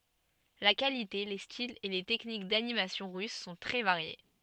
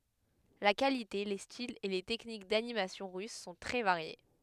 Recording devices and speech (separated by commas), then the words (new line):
soft in-ear microphone, headset microphone, read sentence
La qualité, les styles et les techniques d'animation russes sont très variés.